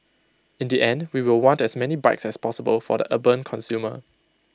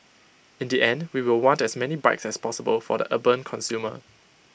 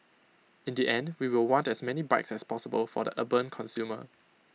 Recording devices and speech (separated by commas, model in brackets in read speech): close-talking microphone (WH20), boundary microphone (BM630), mobile phone (iPhone 6), read sentence